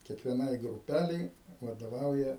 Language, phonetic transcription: Lithuanian, kiekvieˈnai gruˈpælei vadoˈvauja

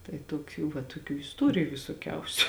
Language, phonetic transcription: Lithuanian, tai toˈkių va toˈkių isˈtoriju visoˈkiausiu

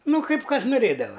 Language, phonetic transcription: Lithuanian, ˈnu ˈkaip ˈkas nuˈrėdava

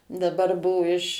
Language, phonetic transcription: Lithuanian, daˈbar ˈbuo iš

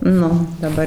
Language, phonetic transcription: Lithuanian, ˈnu daˈbar

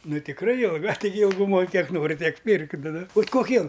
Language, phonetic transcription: Lithuanian, ˈnu tikˈrai jilˈga taiˈgi ilˈgumoj ˈkiek ˈnori ˈtiek ˈpirk ˈnu nu bet koˈkie

